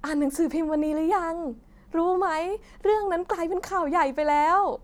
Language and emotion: Thai, happy